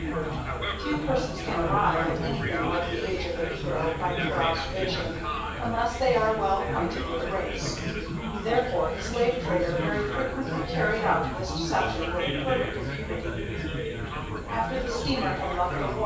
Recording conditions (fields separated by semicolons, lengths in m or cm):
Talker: one person; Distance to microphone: 9.8 m; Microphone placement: far; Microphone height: 1.8 m; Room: large; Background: babble